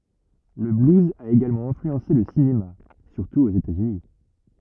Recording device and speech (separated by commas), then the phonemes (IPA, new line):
rigid in-ear microphone, read sentence
lə bluz a eɡalmɑ̃ ɛ̃flyɑ̃se lə sinema syʁtu oz etaz yni